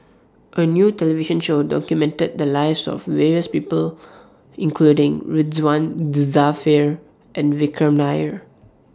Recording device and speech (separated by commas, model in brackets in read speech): standing microphone (AKG C214), read sentence